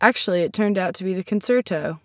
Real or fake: real